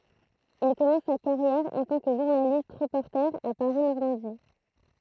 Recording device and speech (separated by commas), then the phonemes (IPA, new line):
throat microphone, read sentence
il kɔmɑ̃s sa kaʁjɛʁ ɑ̃ tɑ̃ kə ʒuʁnalist ʁəpɔʁte a paʁi nɔʁmɑ̃di